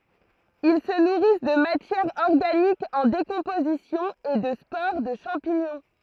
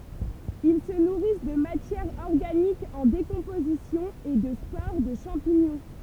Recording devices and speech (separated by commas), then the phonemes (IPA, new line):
throat microphone, temple vibration pickup, read sentence
il sə nuʁis də matjɛʁ ɔʁɡanik ɑ̃ dekɔ̃pozisjɔ̃ e də spoʁ də ʃɑ̃piɲɔ̃